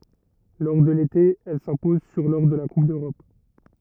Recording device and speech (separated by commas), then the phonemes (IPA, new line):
rigid in-ear microphone, read sentence
lɔʁ də lete ɛl sɛ̃pɔz syʁ lɔʁ də la kup døʁɔp